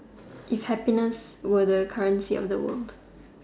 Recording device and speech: standing microphone, conversation in separate rooms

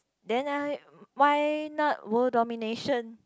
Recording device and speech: close-talking microphone, conversation in the same room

